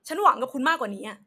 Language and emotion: Thai, angry